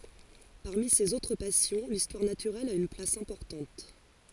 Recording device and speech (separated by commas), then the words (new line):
forehead accelerometer, read sentence
Parmi ses autres passions, l'histoire naturelle a une place importante.